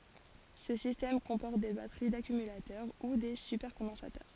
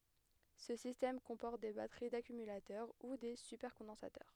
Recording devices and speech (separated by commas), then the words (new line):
forehead accelerometer, headset microphone, read sentence
Ce système comporte des batteries d'accumulateurs ou des supercondensateurs.